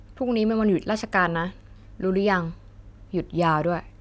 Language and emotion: Thai, neutral